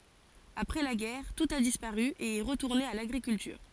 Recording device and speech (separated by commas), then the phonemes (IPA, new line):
forehead accelerometer, read sentence
apʁɛ la ɡɛʁ tut a dispaʁy e ɛ ʁətuʁne a laɡʁikyltyʁ